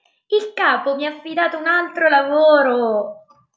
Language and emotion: Italian, happy